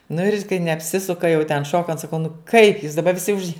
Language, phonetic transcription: Lithuanian, nu ir kai neapˈsisuka jau ten ˈšokant saˈkau nu kaip jūs daˈba viˈsi už

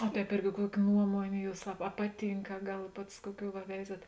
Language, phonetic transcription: Lithuanian, o ˈtēp ˈirgi ˈkuoki ˈnuomonė ˈjūs a a ˈpaˌtynk a ˈgal ˈpats ˈkuoˌkių va ˈveizat

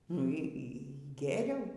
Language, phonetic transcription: Lithuanian, nu ˈy ˈy ˈgėriau

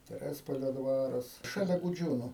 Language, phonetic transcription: Lithuanian, teˈrespolio ˈdvaras šaˈlia guˈdžiūnu

